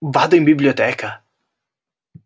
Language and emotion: Italian, surprised